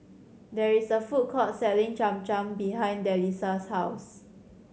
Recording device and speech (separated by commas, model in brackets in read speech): mobile phone (Samsung C7100), read sentence